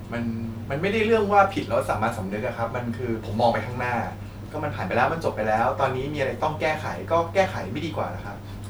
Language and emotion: Thai, frustrated